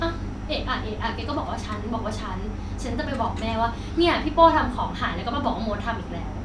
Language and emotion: Thai, frustrated